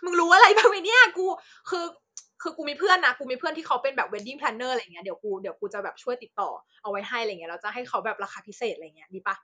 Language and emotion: Thai, happy